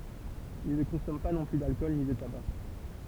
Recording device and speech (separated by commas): temple vibration pickup, read sentence